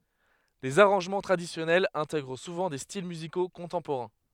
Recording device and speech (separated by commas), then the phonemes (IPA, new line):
headset microphone, read sentence
lez aʁɑ̃ʒmɑ̃ tʁadisjɔnɛlz ɛ̃tɛɡʁ suvɑ̃ de stil myziko kɔ̃tɑ̃poʁɛ̃